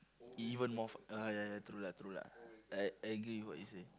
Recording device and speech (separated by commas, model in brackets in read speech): close-talking microphone, conversation in the same room